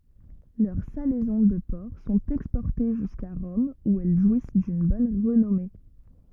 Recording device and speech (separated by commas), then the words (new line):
rigid in-ear microphone, read sentence
Leurs salaisons de porc sont exportées jusqu'à Rome où elles jouissent d'une bonne renommée.